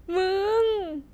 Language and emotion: Thai, happy